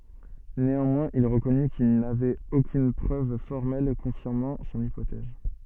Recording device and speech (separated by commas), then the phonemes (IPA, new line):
soft in-ear microphone, read sentence
neɑ̃mwɛ̃z il ʁəkɔny kil navɛt okyn pʁøv fɔʁmɛl kɔ̃fiʁmɑ̃ sɔ̃n ipotɛz